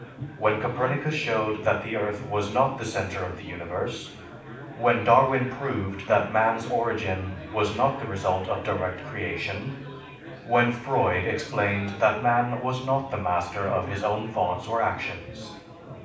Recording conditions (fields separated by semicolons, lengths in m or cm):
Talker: one person; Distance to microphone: 5.8 m; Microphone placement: far; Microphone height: 1.8 m; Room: medium-sized (5.7 m by 4.0 m); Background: babble